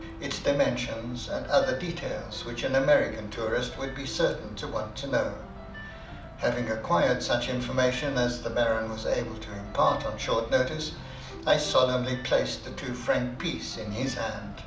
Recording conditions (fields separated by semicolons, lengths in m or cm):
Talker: one person; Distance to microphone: 2.0 m; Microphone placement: close; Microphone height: 99 cm; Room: medium-sized (5.7 m by 4.0 m); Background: music